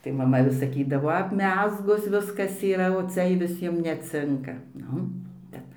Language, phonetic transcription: Lithuanian, tai maˈma vis saˈkydavo apˈmezgus ˈviskas yˈra o ˈcia i viˈsiem neˈcinka ˈnu ˈbet

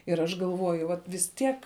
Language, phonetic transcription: Lithuanian, ir ˈaš galˈvoju ˈvat vis ˈtiek

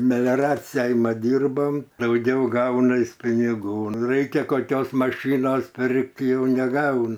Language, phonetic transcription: Lithuanian, melioˈraciai ˈmat ˈdyrbam dauˈgiau ˈgaunas piniˈgų ˈraikia koˈkios maˈšɨnos ˈpirk't' jau neˈgaun

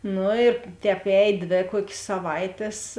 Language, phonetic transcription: Lithuanian, ˈnu ir ˈtēp ˈēj ˈdvė ˈkuok's' saˈvaitės

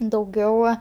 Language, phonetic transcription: Lithuanian, dauˈgiau

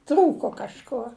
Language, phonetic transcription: Lithuanian, ˈtrūko kažˈkuo

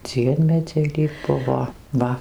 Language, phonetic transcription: Lithuanian, ˈdziemedziai lyg ˈbuvo ˈva

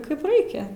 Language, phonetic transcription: Lithuanian, ˈkaip ˈraikia

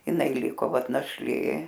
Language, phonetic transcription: Lithuanian, jiˈnai ˈliko ˈvat našˈlė

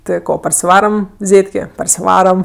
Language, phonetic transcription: Lithuanian, ˈti ˈko parsiˈvaram ˈzėtkė parsiˈvaram

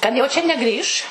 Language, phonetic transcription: Lithuanian, kad jau čia neˈgrįš

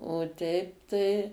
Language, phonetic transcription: Lithuanian, o ˈteip tai

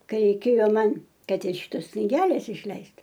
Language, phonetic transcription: Lithuanian, ˈkai reiˈkėjo ˈman ˈkad ir ˈšitos kniˈgelės išˈleist

